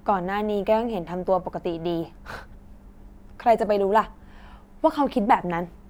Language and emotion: Thai, frustrated